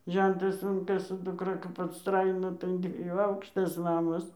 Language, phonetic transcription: Lithuanian, ˈžentas ˈun kai su duˈkra kap atˈstraino tai an dvieˈjų ˈaukštas ˈnamas

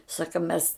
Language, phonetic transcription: Lithuanian, ˈsaka mes

